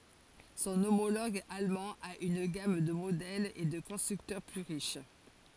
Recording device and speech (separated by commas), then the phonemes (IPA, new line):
forehead accelerometer, read sentence
sɔ̃ omoloɡ almɑ̃ a yn ɡam də modɛlz e də kɔ̃stʁyktœʁ ply ʁiʃ